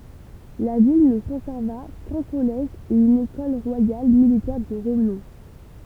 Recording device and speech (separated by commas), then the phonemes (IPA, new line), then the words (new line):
temple vibration pickup, read sentence
la vil nə kɔ̃sɛʁva kœ̃ kɔlɛʒ e yn ekɔl ʁwajal militɛʁ də ʁənɔ̃
La ville ne conserva qu’un collège et une Ecole royale militaire de renom.